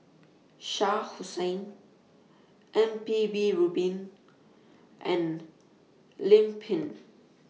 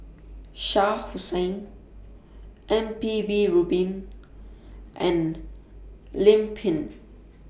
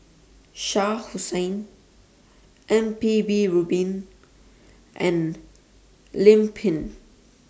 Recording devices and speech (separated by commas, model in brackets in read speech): mobile phone (iPhone 6), boundary microphone (BM630), standing microphone (AKG C214), read sentence